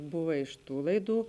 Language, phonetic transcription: Lithuanian, ˈbuva iš ˈtų laiˈdų

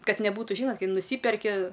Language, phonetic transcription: Lithuanian, ˈkad neˈbūtu ˈžynot ˈkai nuˈsyperki

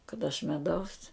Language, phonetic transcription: Lithuanian, kad aš meˈdaus

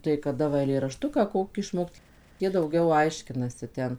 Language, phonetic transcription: Lithuanian, tai kaˈda va eilėraˈštuką ˈkokį išˈmokt ˈjie dauˈgiau ˈaiškinasi ˈten

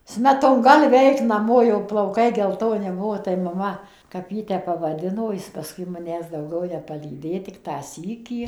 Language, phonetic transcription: Lithuanian, ˌsmetonˈgalvi ˈaik naˈmo jau plauˈkai gelˈtoni ˈbuo tai maˈma kap ˈjį ˈtep pavaˈdino ˈjis paˈskui maˈnęs dauˈgiau nepalyˈdė ˈtik tą ˈsykį

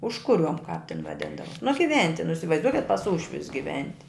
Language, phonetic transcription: Lithuanian, ˈužkuˌriuom kap tin vaˈdindava nu giˈventi nu isivaizˈduokit pas ˈūšvius giˈventi

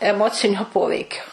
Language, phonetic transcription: Lithuanian, eˈmocinio ˈpoveikio

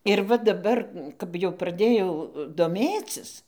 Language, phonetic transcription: Lithuanian, ir ˈva daˈbar kap jau praˈdėjau doˈmėcis

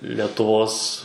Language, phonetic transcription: Lithuanian, letuˈvos

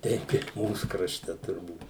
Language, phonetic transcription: Lithuanian, ˈteip i ˈmūs krašˈte turˈbūt

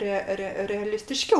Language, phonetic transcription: Lithuanian, ˈre ˈre realistiˈškiau

